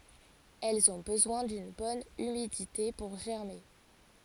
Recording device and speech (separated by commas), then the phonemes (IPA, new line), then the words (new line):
forehead accelerometer, read sentence
ɛlz ɔ̃ bəzwɛ̃ dyn bɔn ymidite puʁ ʒɛʁme
Elles ont besoin d'une bonne humidité pour germer.